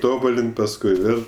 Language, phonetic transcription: Lithuanian, ˈtobulin't' pasˈkui ˈvėl'

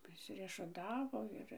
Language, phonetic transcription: Lithuanian, prisiriešuˈtavo ˈir

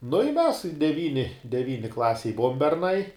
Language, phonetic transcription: Lithuanian, nu i mes deˈvyni deˈvyni ˈklasėj ˈbuvom berˈnai

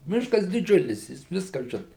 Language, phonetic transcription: Lithuanian, ˈmiškas diˈdžiulis ˈjis ˈviska ˈžina

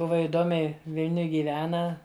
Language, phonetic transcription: Lithuanian, ˈbuva iˈdomiai ˈvilniuj gyˈvena

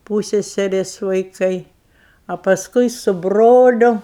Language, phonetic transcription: Lithuanian, ˈpūsseserės vaiˈkai a pasˈkui su ˈbroliu

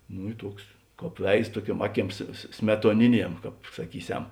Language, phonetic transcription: Lithuanian, ˈnu i ˈtuoks ˈkāp ˈveiz ˈtuoˌkiuom ˈaˌkiems smetuoˈniˌniem ˈkāp saˈkyˌsem

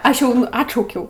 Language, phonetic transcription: Lithuanian, ˈaš jau ˈatšaukiau

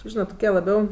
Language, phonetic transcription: Lithuanian, ˈžynat toˈkie laˈbiau

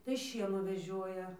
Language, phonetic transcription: Lithuanian, tai ˈšienų veˈžioja

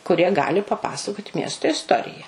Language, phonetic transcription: Lithuanian, kuˈrie ˈgali paˈpasakot' ˈmiesto isˈtorija

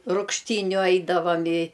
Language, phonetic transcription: Lithuanian, rūgšˈtyniu ˈaidavam i

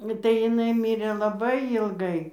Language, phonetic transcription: Lithuanian, tai jiˈnai ˈmyrė laˈbai jylˈgai

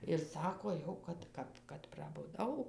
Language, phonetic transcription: Lithuanian, ir ˈsako ˈjau kad ˈkap kad prabuˈdau

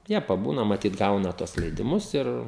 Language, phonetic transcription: Lithuanian, ˈjie paˈbūna maˈtyt ˈgauna ˈtuos leidiˈmus ˈir

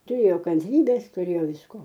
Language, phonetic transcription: Lithuanian, tuˈrėjo kanˈtrybės tuˈrėjo visˈko

